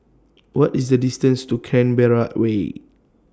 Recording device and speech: standing microphone (AKG C214), read sentence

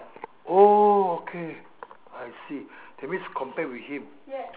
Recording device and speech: telephone, conversation in separate rooms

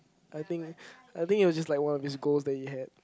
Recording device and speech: close-talking microphone, conversation in the same room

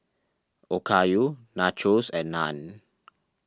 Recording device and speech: standing microphone (AKG C214), read sentence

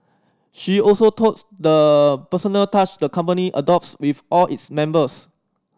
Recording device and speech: standing microphone (AKG C214), read sentence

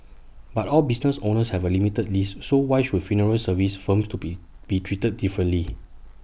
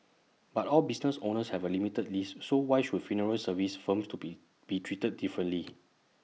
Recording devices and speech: boundary microphone (BM630), mobile phone (iPhone 6), read sentence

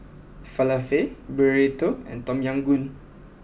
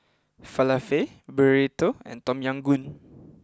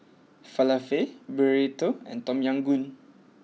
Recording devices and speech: boundary microphone (BM630), close-talking microphone (WH20), mobile phone (iPhone 6), read sentence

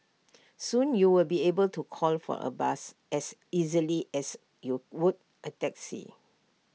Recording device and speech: mobile phone (iPhone 6), read sentence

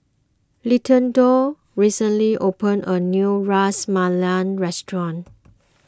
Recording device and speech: close-talking microphone (WH20), read sentence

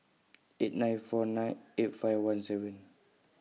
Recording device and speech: mobile phone (iPhone 6), read sentence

